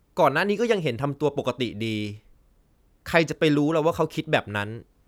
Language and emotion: Thai, frustrated